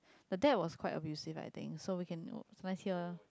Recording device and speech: close-talking microphone, conversation in the same room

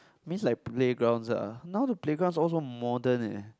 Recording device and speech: close-talking microphone, conversation in the same room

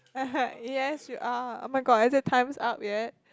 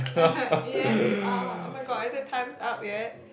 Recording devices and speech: close-talking microphone, boundary microphone, conversation in the same room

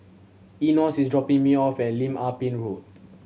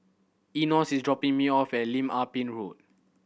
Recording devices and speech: mobile phone (Samsung C7100), boundary microphone (BM630), read sentence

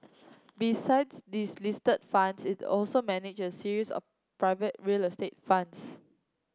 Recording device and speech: close-talking microphone (WH30), read sentence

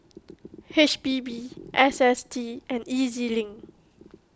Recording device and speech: close-talking microphone (WH20), read sentence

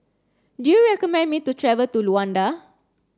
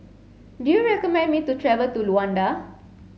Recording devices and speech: standing microphone (AKG C214), mobile phone (Samsung C7), read sentence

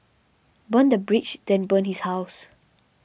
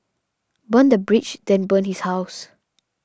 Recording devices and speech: boundary microphone (BM630), standing microphone (AKG C214), read sentence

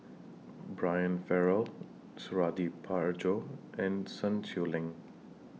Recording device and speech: mobile phone (iPhone 6), read sentence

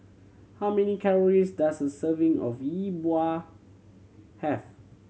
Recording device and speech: mobile phone (Samsung C7100), read sentence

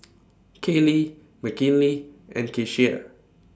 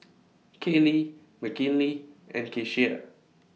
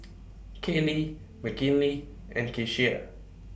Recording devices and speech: standing microphone (AKG C214), mobile phone (iPhone 6), boundary microphone (BM630), read sentence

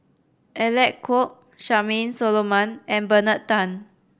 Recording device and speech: boundary microphone (BM630), read sentence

